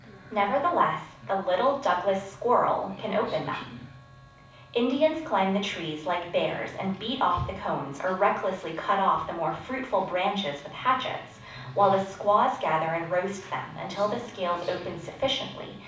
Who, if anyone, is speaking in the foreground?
One person.